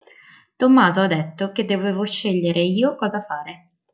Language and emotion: Italian, neutral